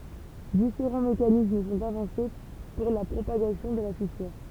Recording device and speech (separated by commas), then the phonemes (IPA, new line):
temple vibration pickup, read sentence
difeʁɑ̃ mekanism sɔ̃t avɑ̃se puʁ la pʁopaɡasjɔ̃ də la fisyʁ